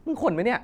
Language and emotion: Thai, angry